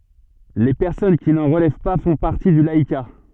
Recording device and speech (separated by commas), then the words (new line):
soft in-ear microphone, read sentence
Les personnes qui n'en relèvent pas font partie du laïcat.